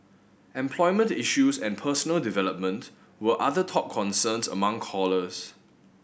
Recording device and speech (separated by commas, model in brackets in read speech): boundary microphone (BM630), read sentence